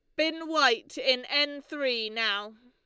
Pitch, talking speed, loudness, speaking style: 270 Hz, 145 wpm, -27 LUFS, Lombard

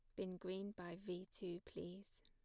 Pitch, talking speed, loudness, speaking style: 185 Hz, 175 wpm, -50 LUFS, plain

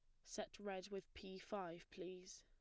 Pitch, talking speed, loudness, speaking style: 190 Hz, 165 wpm, -52 LUFS, plain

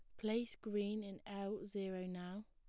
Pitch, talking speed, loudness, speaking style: 205 Hz, 155 wpm, -44 LUFS, plain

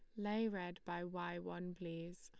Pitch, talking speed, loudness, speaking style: 175 Hz, 180 wpm, -45 LUFS, Lombard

